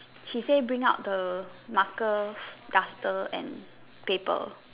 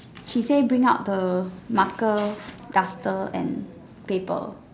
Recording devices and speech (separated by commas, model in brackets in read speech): telephone, standing microphone, conversation in separate rooms